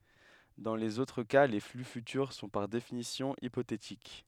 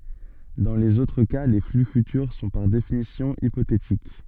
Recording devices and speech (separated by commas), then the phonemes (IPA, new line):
headset microphone, soft in-ear microphone, read sentence
dɑ̃ lez otʁ ka le fly fytyʁ sɔ̃ paʁ definisjɔ̃ ipotetik